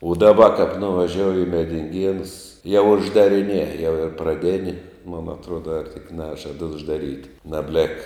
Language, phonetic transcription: Lithuanian, u daˈba kap nuvaˈžiouji i medinˈgienus jau uždariˈnie jau ir praˈdėni mun atˈruoda ar tik ˈnežad uždaˈryt' nabˈlek

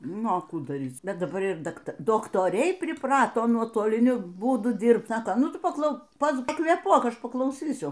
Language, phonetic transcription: Lithuanian, ˈnu a ˈkų daˈryc ˈbet daˈbar ir dakˈta doktoˈriai priˈprato nuotoliˈniu ˈbūdu ˈdyrbt ˈsako ˈnu ˈtu paˈklau pakvėˈpuok ˈaš paklauˈsysiu

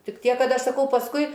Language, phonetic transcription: Lithuanian, ˈtik ˈtiek ˈkad ˈaš saˈkau pasˈkui

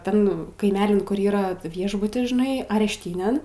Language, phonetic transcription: Lithuanian, ˈten kaiˈmelin ˈkur yˈra ˈviešbutis žiˈnai arešˈtynėn

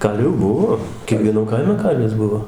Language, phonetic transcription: Lithuanian, ˈkalvių ˈbuvo kiekvieˈnam ˈkaime ˈkalvis ˈbuvo

